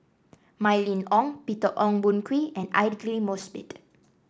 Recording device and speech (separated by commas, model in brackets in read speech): standing microphone (AKG C214), read sentence